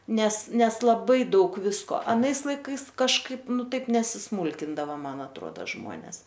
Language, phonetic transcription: Lithuanian, ˈnes ˈnes laˈbai ˈdaug ˈvisko aˈnais laiˈkais kažˈkaip ˈnu ˈtaip nesisˈmūlkindava ˈman atˈruoda ˈžmuones

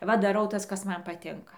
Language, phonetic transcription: Lithuanian, ˈva daˈrau ˈtas kas ˈman paˈtinka

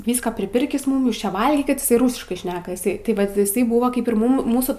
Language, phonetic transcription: Lithuanian, ˈvyska priˈpirkis ˈmum ˈjūs ˈčia ˈvalgykit iˈsai ˈrūsiškai ˈšneka iˈsai ti ˈvat iˈsai ˈbūva ˈkaip ir ˈmūm ˈmūsų

